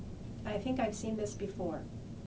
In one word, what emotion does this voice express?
neutral